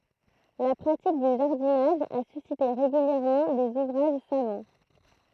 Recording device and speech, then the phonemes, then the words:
throat microphone, read sentence
la pʁatik dy ʒaʁdinaʒ a sysite ʁeɡyljɛʁmɑ̃ dez uvʁaʒ savɑ̃
La pratique du jardinage a suscité régulièrement des ouvrages savants.

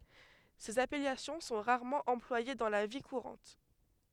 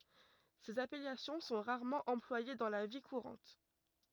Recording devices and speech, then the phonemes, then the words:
headset microphone, rigid in-ear microphone, read sentence
sez apɛlasjɔ̃ sɔ̃ ʁaʁmɑ̃ ɑ̃plwaje dɑ̃ la vi kuʁɑ̃t
Ces appellations sont rarement employées dans la vie courante.

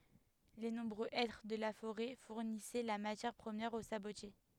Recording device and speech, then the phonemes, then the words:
headset microphone, read sentence
le nɔ̃bʁø ɛtʁ də la foʁɛ fuʁnisɛ la matjɛʁ pʁəmjɛʁ o sabotje
Les nombreux hêtres de la forêt fournissaient la matière première aux sabotiers.

